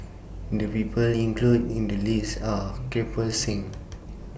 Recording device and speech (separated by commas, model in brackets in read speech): boundary microphone (BM630), read sentence